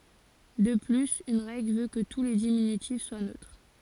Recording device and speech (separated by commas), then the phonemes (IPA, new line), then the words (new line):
forehead accelerometer, read sentence
də plyz yn ʁɛɡl vø kə tu le diminytif swa nøtʁ
De plus, une règle veut que tous les diminutifs soient neutres.